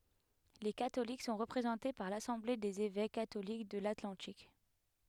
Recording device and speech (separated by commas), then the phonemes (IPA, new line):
headset microphone, read sentence
le katolik sɔ̃ ʁəpʁezɑ̃te paʁ lasɑ̃ble dez evɛk katolik də latlɑ̃tik